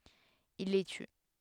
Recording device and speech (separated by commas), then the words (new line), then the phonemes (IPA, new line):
headset microphone, read sentence
Il les tue.
il le ty